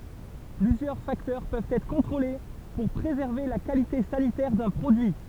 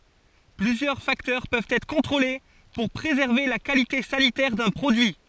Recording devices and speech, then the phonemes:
temple vibration pickup, forehead accelerometer, read sentence
plyzjœʁ faktœʁ pøvt ɛtʁ kɔ̃tʁole puʁ pʁezɛʁve la kalite sanitɛʁ dœ̃ pʁodyi

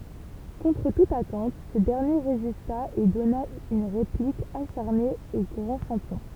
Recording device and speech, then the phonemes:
temple vibration pickup, read sentence
kɔ̃tʁ tut atɑ̃t sə dɛʁnje ʁezista e dɔna yn ʁeplik aʃaʁne o ɡʁɑ̃ ʃɑ̃pjɔ̃

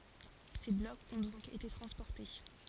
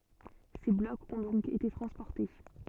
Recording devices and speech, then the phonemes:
forehead accelerometer, soft in-ear microphone, read sentence
se blɔkz ɔ̃ dɔ̃k ete tʁɑ̃spɔʁte

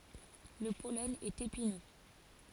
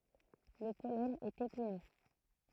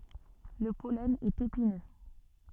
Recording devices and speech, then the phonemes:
forehead accelerometer, throat microphone, soft in-ear microphone, read sentence
lə pɔlɛn ɛt epinø

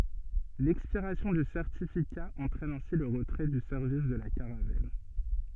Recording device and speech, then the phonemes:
soft in-ear microphone, read sentence
lɛkspiʁasjɔ̃ dy sɛʁtifika ɑ̃tʁɛn ɛ̃si lə ʁətʁɛ dy sɛʁvis də la kaʁavɛl

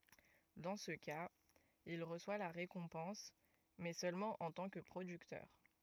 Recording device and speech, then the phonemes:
rigid in-ear microphone, read sentence
dɑ̃ sə kaz il ʁəswa la ʁekɔ̃pɑ̃s mɛ sølmɑ̃ ɑ̃ tɑ̃ kə pʁodyktœʁ

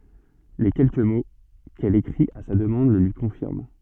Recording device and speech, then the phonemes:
soft in-ear microphone, read sentence
le kɛlkə mo kɛl ekʁit a sa dəmɑ̃d lə lyi kɔ̃fiʁm

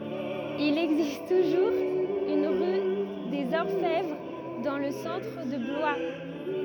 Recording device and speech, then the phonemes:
rigid in-ear microphone, read sentence
il ɛɡzist tuʒuʁz yn ʁy dez ɔʁfɛvʁ dɑ̃ lə sɑ̃tʁ də blwa

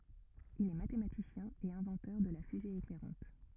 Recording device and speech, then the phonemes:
rigid in-ear microphone, read sentence
il ɛ matematisjɛ̃ e ɛ̃vɑ̃tœʁ də la fyze eklɛʁɑ̃t

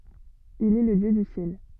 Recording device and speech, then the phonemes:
soft in-ear microphone, read sentence
il ɛ lə djø dy sjɛl

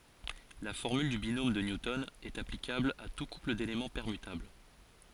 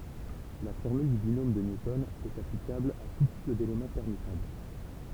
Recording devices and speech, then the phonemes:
forehead accelerometer, temple vibration pickup, read sentence
la fɔʁmyl dy binom də njutɔn ɛt aplikabl a tu kupl delemɑ̃ pɛʁmytabl

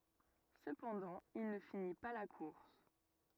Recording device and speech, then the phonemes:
rigid in-ear microphone, read sentence
səpɑ̃dɑ̃ il nə fini pa la kuʁs

